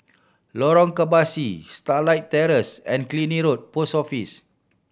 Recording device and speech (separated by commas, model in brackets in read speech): boundary microphone (BM630), read sentence